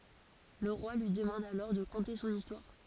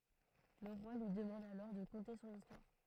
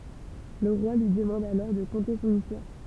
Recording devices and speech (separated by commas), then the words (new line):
forehead accelerometer, throat microphone, temple vibration pickup, read sentence
Le Roi lui demande alors de conter son histoire.